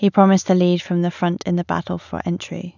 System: none